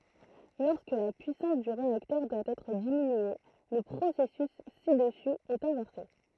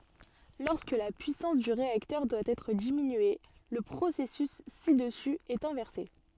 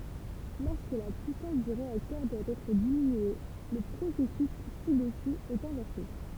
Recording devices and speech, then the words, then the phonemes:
throat microphone, soft in-ear microphone, temple vibration pickup, read sentence
Lorsque la puissance du réacteur doit être diminuée, le processus ci-dessus est inversé.
lɔʁskə la pyisɑ̃s dy ʁeaktœʁ dwa ɛtʁ diminye lə pʁosɛsys si dəsy ɛt ɛ̃vɛʁse

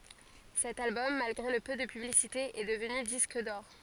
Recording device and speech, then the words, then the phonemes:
forehead accelerometer, read sentence
Cet album, malgré le peu de publicité, est devenu disque d'or.
sɛt albɔm malɡʁe lə pø də pyblisite ɛ dəvny disk dɔʁ

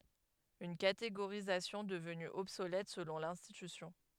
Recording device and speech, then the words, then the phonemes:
headset microphone, read sentence
Une catégorisation devenue obsolète selon l'institution.
yn kateɡoʁizasjɔ̃ dəvny ɔbsolɛt səlɔ̃ lɛ̃stitysjɔ̃

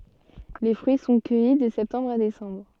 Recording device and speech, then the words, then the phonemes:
soft in-ear microphone, read sentence
Les fruits sont cueillis de septembre à décembre.
le fʁyi sɔ̃ kœji də sɛptɑ̃bʁ a desɑ̃bʁ

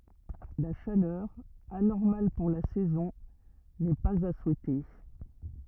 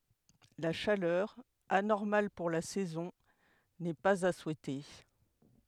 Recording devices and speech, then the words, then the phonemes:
rigid in-ear microphone, headset microphone, read sentence
La chaleur, anormale pour la saison, n'est pas à souhaiter.
la ʃalœʁ anɔʁmal puʁ la sɛzɔ̃ nɛ paz a suɛte

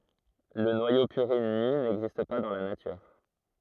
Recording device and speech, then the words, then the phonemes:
throat microphone, read sentence
Le noyau purine nu n'existe pas dans la nature.
lə nwajo pyʁin ny nɛɡzist pa dɑ̃ la natyʁ

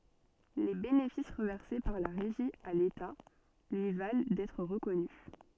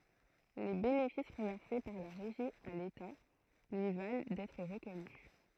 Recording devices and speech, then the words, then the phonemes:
soft in-ear microphone, throat microphone, read sentence
Les bénéfices reversés par la Régie à l’État lui valent d’être reconnu.
le benefis ʁəvɛʁse paʁ la ʁeʒi a leta lyi val dɛtʁ ʁəkɔny

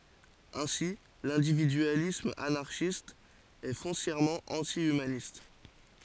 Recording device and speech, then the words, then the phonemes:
forehead accelerometer, read sentence
Ainsi, l'individualisme anarchiste est foncièrement anti-humaniste.
ɛ̃si lɛ̃dividyalism anaʁʃist ɛ fɔ̃sjɛʁmɑ̃ ɑ̃ti ymanist

